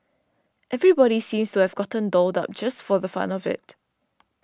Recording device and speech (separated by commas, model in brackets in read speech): standing microphone (AKG C214), read sentence